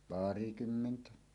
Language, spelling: Finnish, pari kymmentä
- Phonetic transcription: 'pari kymmentä .

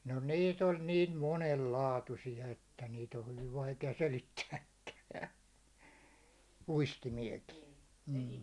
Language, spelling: Finnish, no niitä oli niin monen laatuisia että niitä on hyvin vaikea selittääkään uistimiakin mm
- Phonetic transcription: no 'nii't ‿oĺ niin "monel "laatusi₍a että 'niit ‿o 'hyviv 'vaike₍a "selittääkkä , 'uistimiekii , m̥ .

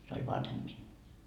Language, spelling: Finnish, se oli vanhempi minua
- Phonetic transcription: se oĺ 'vanhemB minnuu .

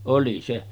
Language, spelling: Finnish, oli se
- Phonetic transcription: 'oli se .

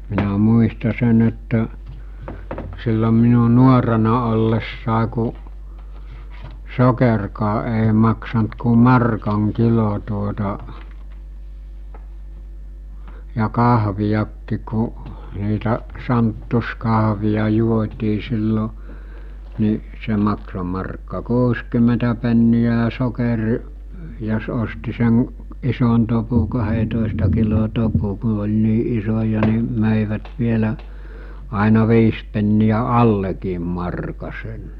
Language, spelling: Finnish, minä muistan sen että silloin minun nuorena ollessa kun sokerikaan ei maksanut kuin markan kilo tuota ja kahviakin kun niitä santtiskahveja juotiin silloin niin se maksoi markka kuusikymmentä penniä ja sokeri jos osti sen ison topun kahdentoista kilon topun kun oli niin isoja niin möivät vielä aina viisi penniä allekin markan sen
- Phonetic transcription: minä 'muista 'sen ‿että , sillom minu 'nuorena ollessàe ku , 'sokerkaa ’èi maksant ku 'markaŋ 'kilo tuota , ja 'kahvijakkik ku , niitä , "santtu̬skaɦvija juot́ii sillo , ni , 'se makso markka "kuuskym̀entä penni₍ä ja sokerʿⁱʾ , jos osti sen , 'ison topu 'kahetòesta kilo 'topu ku oĺ 'nii 'isoja ni , mö̀ivät 'vielä , àina 'viis penni₍ä "allekiim marka sen .

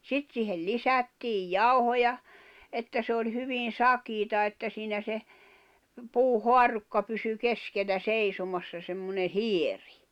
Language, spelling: Finnish, sitten siihen lisättiin jauhoja että se oli hyvin sakeaa että siinä se puuhaarukka pysyi keskellä seisomassa semmoinen hieno
- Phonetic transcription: 'sit siihel "lisättiij "jauhoja , 'että se oĺ 'hyvin̬ "sakiita että siinä se , 'puu"hoarukka pysy 'kesk̀ellä 'seisomassa semmone "hieɪ .

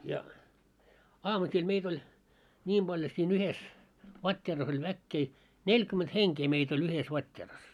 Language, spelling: Finnish, ja aamusilla meitä oli niin paljon siinä yhdessä vatteerassa oli väkeä neljäkymmentä henkeä meitä oli yhdessä vatteerassa
- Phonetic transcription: ja , 'aamusil 'meit ‿oĺ , 'ńiim ʙaĺjo siin ‿yhes , "vat́t́eeras ‿oĺ 'väkkee , "neĺkyment 'heŋkee meit ‿oĺ yhes 'vat́t́eeras .

